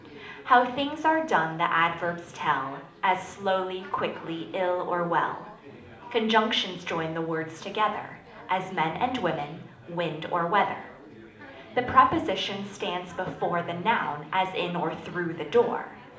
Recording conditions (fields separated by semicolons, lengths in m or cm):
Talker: one person; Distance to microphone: 2.0 m; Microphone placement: close; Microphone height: 99 cm; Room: medium-sized (5.7 m by 4.0 m); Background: babble